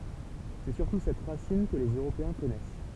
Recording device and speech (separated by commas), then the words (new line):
temple vibration pickup, read sentence
C'est surtout cette racine que les Européens connaissent.